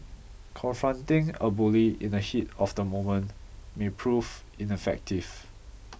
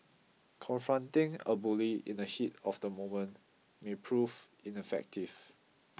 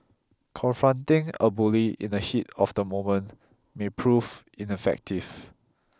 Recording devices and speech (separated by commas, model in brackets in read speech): boundary microphone (BM630), mobile phone (iPhone 6), close-talking microphone (WH20), read sentence